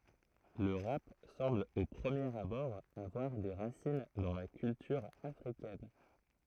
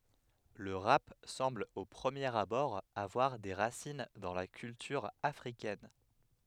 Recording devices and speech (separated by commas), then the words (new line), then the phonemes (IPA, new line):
throat microphone, headset microphone, read sentence
Le rap semble au premier abord avoir des racines dans la culture africaine.
lə ʁap sɑ̃bl o pʁəmjeʁ abɔʁ avwaʁ de ʁasin dɑ̃ la kyltyʁ afʁikɛn